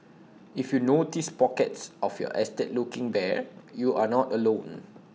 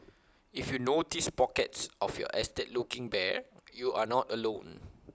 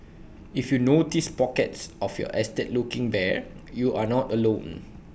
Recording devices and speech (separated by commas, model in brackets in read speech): mobile phone (iPhone 6), close-talking microphone (WH20), boundary microphone (BM630), read sentence